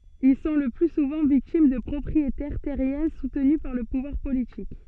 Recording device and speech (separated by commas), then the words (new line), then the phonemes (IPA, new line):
soft in-ear microphone, read sentence
Ils sont le plus souvent victimes de propriétaires terriens soutenus par le pouvoir politique.
il sɔ̃ lə ply suvɑ̃ viktim də pʁɔpʁietɛʁ tɛʁjɛ̃ sutny paʁ lə puvwaʁ politik